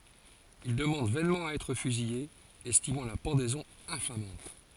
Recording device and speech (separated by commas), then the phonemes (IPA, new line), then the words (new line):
forehead accelerometer, read sentence
il dəmɑ̃d vɛnmɑ̃ a ɛtʁ fyzije ɛstimɑ̃ la pɑ̃dɛzɔ̃ ɛ̃famɑ̃t
Il demande vainement à être fusillé, estimant la pendaison infamante.